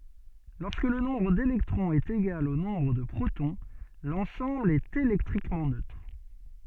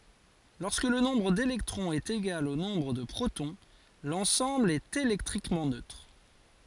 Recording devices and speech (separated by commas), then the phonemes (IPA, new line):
soft in-ear microphone, forehead accelerometer, read sentence
lɔʁskə lə nɔ̃bʁ delɛktʁɔ̃z ɛt eɡal o nɔ̃bʁ də pʁotɔ̃ lɑ̃sɑ̃bl ɛt elɛktʁikmɑ̃ nøtʁ